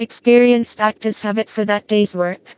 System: TTS, vocoder